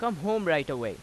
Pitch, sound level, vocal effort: 185 Hz, 92 dB SPL, loud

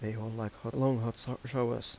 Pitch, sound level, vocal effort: 115 Hz, 83 dB SPL, soft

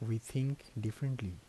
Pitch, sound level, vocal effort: 115 Hz, 75 dB SPL, soft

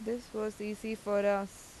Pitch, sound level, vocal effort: 210 Hz, 85 dB SPL, normal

